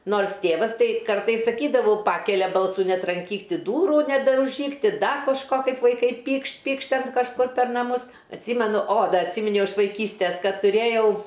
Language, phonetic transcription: Lithuanian, ˈnors ˈtėvas ˈtai ˈkartais saˈkydavu ˈpakelia ˈbalsu netranˈkyk ˈti ˈdūru nedauˈžyk ˈti ˈda kožˈko ˈkaip vaiˈkai ˈpykšt ˈpykšt ˈten kažˈkur per naˈmus atˈsymenu o ˈda atˈsyminiau iš vaiˈkystes ˈkad tuˈrėjau

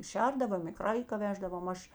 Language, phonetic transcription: Lithuanian, ˈšerdavom i ˈkraika ˈveždavom ˈaš

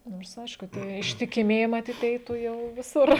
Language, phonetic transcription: Lithuanian, ˈnors ˈaišku ˈtie ištikiˈmieji maˈtyt ˈeitų ˈjau viˈsur

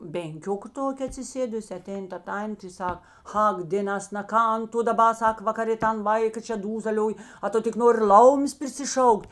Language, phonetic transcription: Lithuanian, benˈkioka ˈtokė atsiˈsėdusi aˈtein ta ˈtantė i ˈsak ˈak dėˈnas na ˈkan tu daˈba ˈsak vakaˈrė ˈtan ˈvaika čia ˈdūzalioj a ˈtu tik ˈnori ˈlaumės prisiˈšauk't'

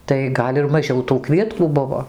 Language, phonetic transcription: Lithuanian, tai ˈgal' ir maˈžiau tų ˈkvietkų ˈbuvo

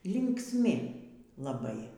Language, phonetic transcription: Lithuanian, linksˈmi laˈbai

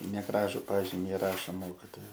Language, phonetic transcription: Lithuanian, neˈgražu ˈpažimi iˈrašo ˈmokitoja

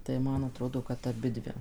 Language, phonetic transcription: Lithuanian, tai ˈman aˈtrodo kad aˈbidvi

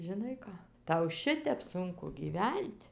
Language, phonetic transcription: Lithuanian, žiˈnai ˈką ˈtau ˈšitep ˈsunku gyˈven't'

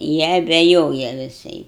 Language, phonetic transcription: Lithuanian, ˈjie abeˈjoja viˈsai

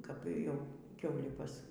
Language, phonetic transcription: Lithuanian, kap ˈjau ˈkiaulį ˈpas

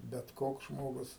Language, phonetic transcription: Lithuanian, bet ˈkoks ˈžmogus

